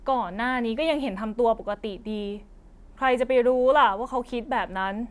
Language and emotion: Thai, frustrated